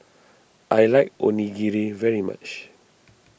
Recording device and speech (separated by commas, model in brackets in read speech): boundary microphone (BM630), read sentence